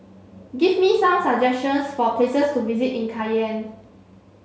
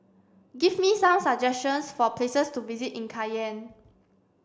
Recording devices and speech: mobile phone (Samsung C7), standing microphone (AKG C214), read sentence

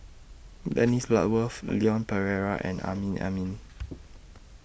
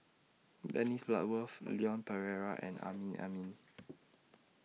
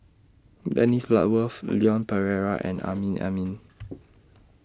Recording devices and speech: boundary microphone (BM630), mobile phone (iPhone 6), standing microphone (AKG C214), read sentence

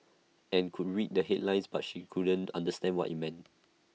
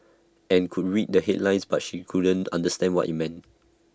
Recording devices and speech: mobile phone (iPhone 6), standing microphone (AKG C214), read sentence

